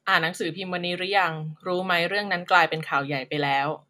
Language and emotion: Thai, neutral